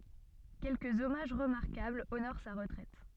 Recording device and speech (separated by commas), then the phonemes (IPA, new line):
soft in-ear microphone, read sentence
kɛlkəz ɔmaʒ ʁəmaʁkabl onoʁ sa ʁətʁɛt